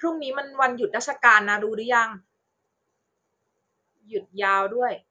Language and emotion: Thai, neutral